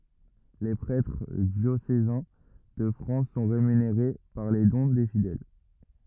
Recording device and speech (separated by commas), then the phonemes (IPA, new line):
rigid in-ear microphone, read sentence
le pʁɛtʁ djosezɛ̃ də fʁɑ̃s sɔ̃ ʁemyneʁe paʁ le dɔ̃ de fidɛl